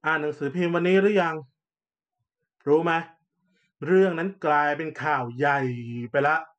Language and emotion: Thai, frustrated